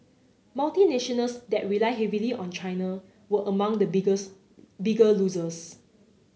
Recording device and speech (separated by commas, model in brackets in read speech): mobile phone (Samsung C9), read sentence